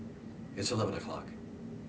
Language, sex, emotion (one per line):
English
male
neutral